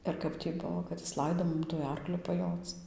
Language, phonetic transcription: Lithuanian, ir ˈkap tį ˈbuvo kad ˈjis ˈlaido ˈmum tuoj ˈarkliu paˈjoc

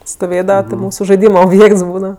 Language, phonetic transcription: Lithuanian, stoˈvėdava ti ˈmūsu žaiˈdyma obˈjėkts ˈbūdava

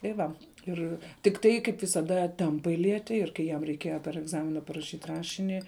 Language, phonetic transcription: Lithuanian, tai ˈva ˈir tikˈtai kaip visaˈda ˈtempai ˈlieti ir kai ˈjam reiˈkieja per egˈzamina paraˈšyt' ˈrašini

